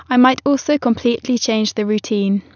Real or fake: real